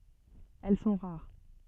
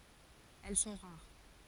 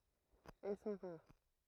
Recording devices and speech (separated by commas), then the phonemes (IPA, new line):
soft in-ear microphone, forehead accelerometer, throat microphone, read sentence
ɛl sɔ̃ ʁaʁ